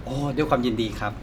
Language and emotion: Thai, neutral